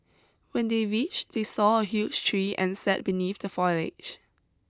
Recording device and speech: close-talking microphone (WH20), read sentence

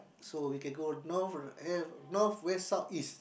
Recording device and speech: boundary microphone, conversation in the same room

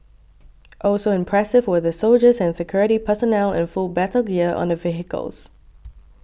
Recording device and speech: boundary microphone (BM630), read sentence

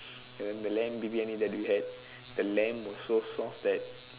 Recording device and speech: telephone, conversation in separate rooms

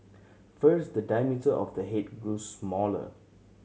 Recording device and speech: mobile phone (Samsung C7100), read sentence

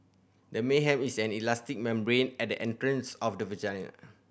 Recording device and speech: boundary microphone (BM630), read sentence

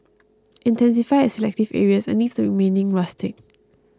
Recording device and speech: close-talking microphone (WH20), read sentence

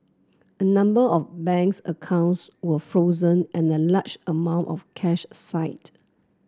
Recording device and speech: close-talking microphone (WH30), read sentence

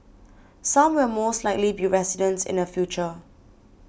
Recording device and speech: boundary microphone (BM630), read sentence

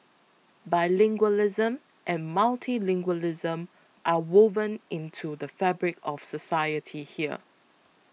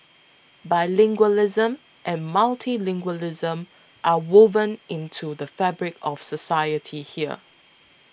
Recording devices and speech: mobile phone (iPhone 6), boundary microphone (BM630), read sentence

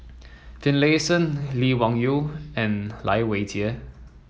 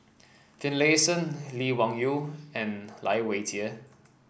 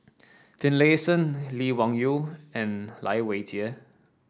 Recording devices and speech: mobile phone (iPhone 7), boundary microphone (BM630), standing microphone (AKG C214), read sentence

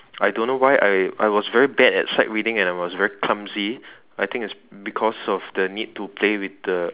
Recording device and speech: telephone, conversation in separate rooms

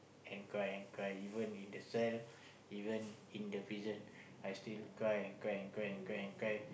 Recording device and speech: boundary microphone, conversation in the same room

